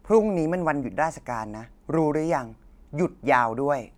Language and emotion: Thai, frustrated